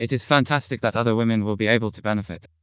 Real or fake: fake